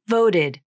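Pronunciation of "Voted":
In 'voted', the t turns into a flap, and the final 'id' syllable is unstressed.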